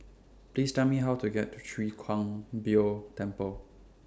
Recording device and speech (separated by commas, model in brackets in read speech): standing microphone (AKG C214), read sentence